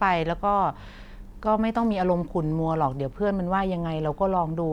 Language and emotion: Thai, neutral